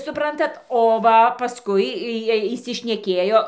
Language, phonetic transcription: Lithuanian, suˈprantat o ˈva paˈskui ˈjiej įsišneˈkėjo

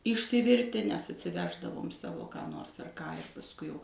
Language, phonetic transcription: Lithuanian, išsiˈvirti nes atsiˈveždavom ˈsavo ką ˈnors ar ˈką ir pasˈkui jau

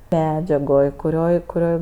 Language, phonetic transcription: Lithuanian, ˈmedžiagoj kuˈrioj kuˈrioj

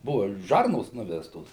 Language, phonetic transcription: Lithuanian, ˈbuva ˈžarnos ˈnuvestos

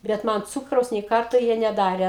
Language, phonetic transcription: Lithuanian, bet ˈman ˈcūkraus nė ˈkarto ˈjie neˈdare

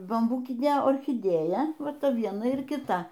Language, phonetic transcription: Lithuanian, bamˈbūkinė orchiˈdėja ˈva ˈta ˈviena ir kiˈta

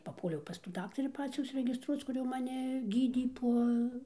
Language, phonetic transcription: Lithuanian, paˈpuoliau pas tų ˈdaktarį ˈpacių užsiregisˈtruoc ˈkur jau maˈni ˈgydė ˈpo

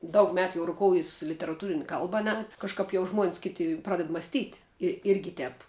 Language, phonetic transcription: Lithuanian, ˈdaug ˈmetu ˈjau ruˈkoujis literaˈtūrin' ˈkalba a ˈne kažˈkap jau žmuon's' ˈkiti ˈpraded masˈtyt' i ˈirgi ˈtēp

